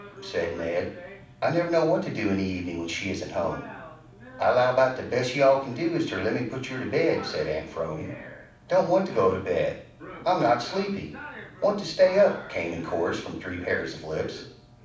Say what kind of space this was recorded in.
A mid-sized room.